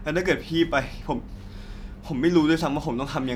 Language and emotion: Thai, sad